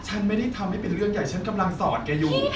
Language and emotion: Thai, frustrated